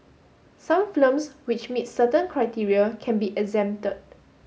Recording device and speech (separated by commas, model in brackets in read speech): mobile phone (Samsung S8), read sentence